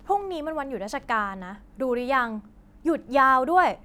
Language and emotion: Thai, frustrated